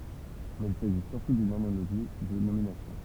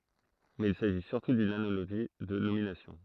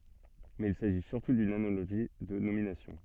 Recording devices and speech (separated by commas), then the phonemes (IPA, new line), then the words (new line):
temple vibration pickup, throat microphone, soft in-ear microphone, read sentence
mɛz il saʒi syʁtu dyn analoʒi də nominasjɔ̃
Mais il s'agit surtout d'une analogie de nomination.